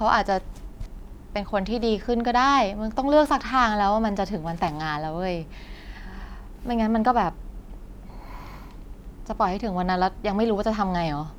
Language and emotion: Thai, frustrated